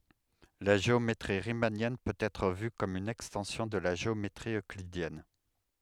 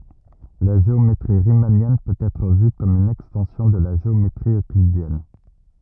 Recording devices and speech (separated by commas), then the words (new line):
headset microphone, rigid in-ear microphone, read sentence
La géométrie riemannienne peut être vue comme une extension de la géométrie euclidienne.